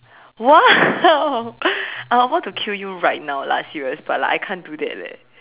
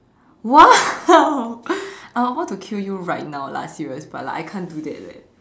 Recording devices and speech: telephone, standing microphone, conversation in separate rooms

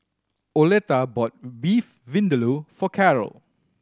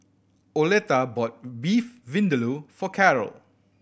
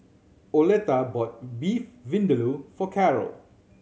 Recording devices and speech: standing microphone (AKG C214), boundary microphone (BM630), mobile phone (Samsung C7100), read sentence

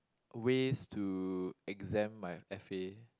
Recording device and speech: close-talking microphone, conversation in the same room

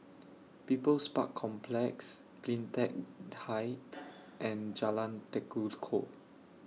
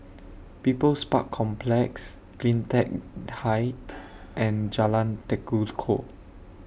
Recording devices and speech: mobile phone (iPhone 6), boundary microphone (BM630), read sentence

